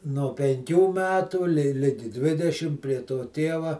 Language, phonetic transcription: Lithuanian, no penˈkių ˈmetų li ˈligi ˈdvidešim prie to ˈtėva

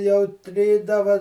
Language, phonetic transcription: Lithuanian, jau ˈtrydava

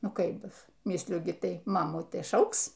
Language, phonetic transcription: Lithuanian, ˈnu ˈkaip ˈbus ˈmisliu gi ˈtai ˈmamų ˈtai ˈšauks

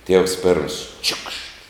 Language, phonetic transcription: Lithuanian, ˈtievs ˈpėrms ˈčiukšt

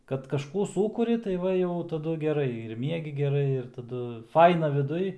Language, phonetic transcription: Lithuanian, kad kažˈkų ˈsūkuri tai ˈva jau taˈdu geˈrai ir ˈmiegi geˈrai ir taˈdu ˈfaina viˈduj

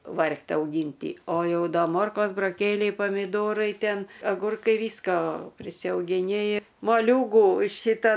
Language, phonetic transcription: Lithuanian, ˈvargt' auˈgynty o ˈjau ˈda ˈmorkos buroˈkėliai pamiˈdorai ˈten aˈgurkai ˈvysko prisiaugiˈni moˈliūgų ˈšita

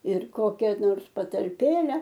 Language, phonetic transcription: Lithuanian, ir ˈkokia nors patalˈpėle

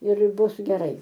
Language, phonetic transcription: Lithuanian, ir ˈbus geˈrai

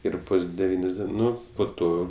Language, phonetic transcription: Lithuanian, ˈir ˈbus deˈvynios ˈdien ˈnu po ˈto

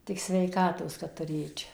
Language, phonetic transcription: Lithuanian, tik sveiˈkatos kad tuˈrėčia

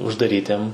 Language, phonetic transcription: Lithuanian, uždaˈrytiem

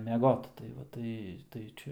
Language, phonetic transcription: Lithuanian, meˈgot tai ˈva ˈtai tai ˈčia

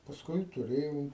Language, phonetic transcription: Lithuanian, pasˈkui tuˈrėjau

